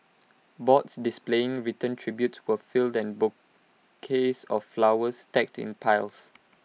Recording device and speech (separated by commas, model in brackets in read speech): mobile phone (iPhone 6), read sentence